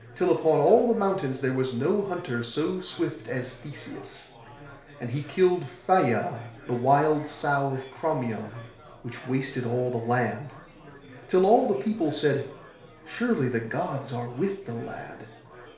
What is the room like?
A compact room (about 3.7 m by 2.7 m).